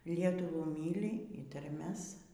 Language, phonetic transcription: Lithuanian, ˈlietuvų ˈmyli y tarˈmes

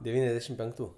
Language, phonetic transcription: Lithuanian, deˈvyniasdešim penkˈtų

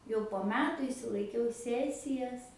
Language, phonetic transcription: Lithuanian, jau po ˈmetu išsilaiˈkiau ˈsesijas

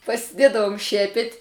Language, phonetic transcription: Lithuanian, pasiˈdėdavum ˈšiepet'

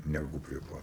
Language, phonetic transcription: Lithuanian, neˈgū prie ˈpat

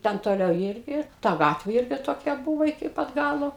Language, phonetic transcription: Lithuanian, ˈten toˈliau ˈyrgi ˈta ˈgatvė ˈirgi toˈkia ˈbuvo iki ˈpat ˈgalo

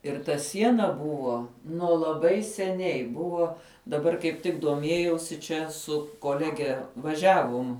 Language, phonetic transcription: Lithuanian, ir ta ˈsiena ˈbuvo nuo laˈbai seˈniai ˈbuvo daˈbar kaip ˈtik duoˈmiejausi ˈčia ˈsu koˈlege vaˈžiavum

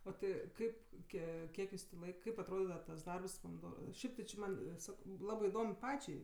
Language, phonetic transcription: Lithuanian, o ˈti ˈkaip ˈkie ˈkiek jus tė ˈlaik ˈkaip atˈrodidava tas ˈdarbs pomiˈdo ˈšiaip ti či ˈman ˈsako ˈlabɜ iˈdom ˈpačiai

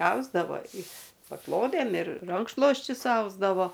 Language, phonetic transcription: Lithuanian, ˈausdavo i paˈklodėm ir ˈrankšlosčius ˈausdavo

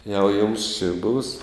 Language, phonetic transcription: Lithuanian, jau jums či būs

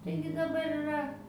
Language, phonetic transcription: Lithuanian, ˈtaigi daˈbar iˈra

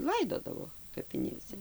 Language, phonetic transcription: Lithuanian, ˈlaidodavo kapiˈnėse

